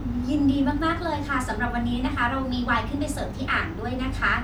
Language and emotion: Thai, happy